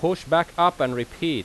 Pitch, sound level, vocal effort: 165 Hz, 92 dB SPL, very loud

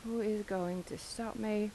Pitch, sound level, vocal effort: 215 Hz, 81 dB SPL, soft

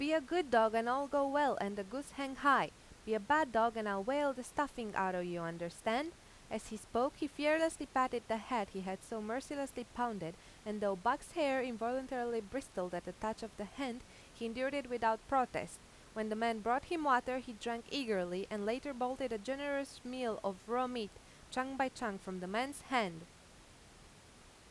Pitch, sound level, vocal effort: 240 Hz, 90 dB SPL, loud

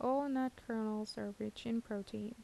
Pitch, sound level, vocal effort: 225 Hz, 77 dB SPL, soft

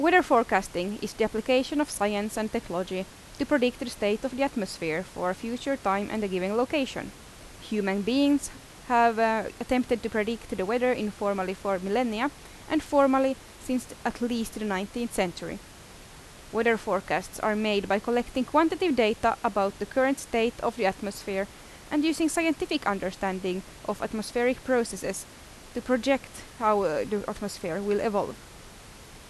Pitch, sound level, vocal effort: 225 Hz, 84 dB SPL, loud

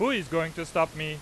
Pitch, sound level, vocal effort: 165 Hz, 99 dB SPL, loud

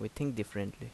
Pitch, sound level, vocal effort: 110 Hz, 78 dB SPL, normal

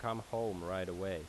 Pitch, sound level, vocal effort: 95 Hz, 86 dB SPL, normal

